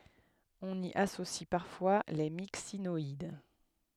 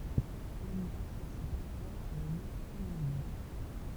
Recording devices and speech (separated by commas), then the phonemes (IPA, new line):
headset microphone, temple vibration pickup, read sentence
ɔ̃n i asosi paʁfwa le miksinɔid